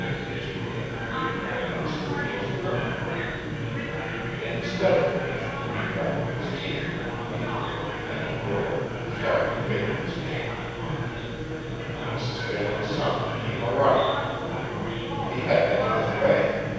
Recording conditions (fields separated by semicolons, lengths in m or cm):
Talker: one person; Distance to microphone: 7.1 m; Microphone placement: far; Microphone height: 1.7 m; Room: very reverberant, large; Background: babble